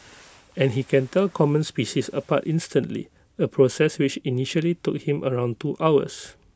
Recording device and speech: close-talking microphone (WH20), read sentence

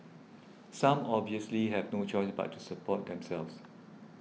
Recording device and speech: mobile phone (iPhone 6), read sentence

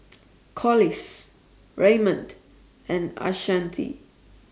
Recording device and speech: standing microphone (AKG C214), read sentence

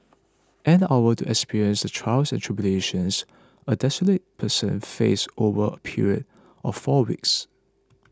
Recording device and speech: close-talking microphone (WH20), read sentence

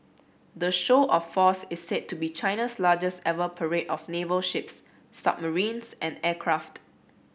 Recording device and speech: boundary microphone (BM630), read sentence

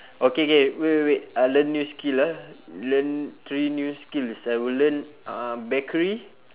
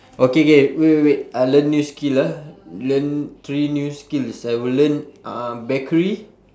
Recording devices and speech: telephone, standing microphone, conversation in separate rooms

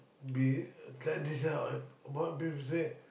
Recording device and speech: boundary microphone, conversation in the same room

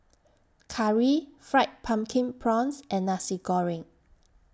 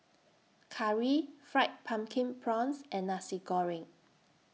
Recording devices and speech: standing microphone (AKG C214), mobile phone (iPhone 6), read sentence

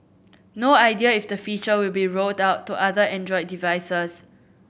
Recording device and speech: boundary microphone (BM630), read sentence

